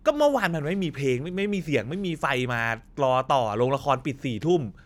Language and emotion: Thai, frustrated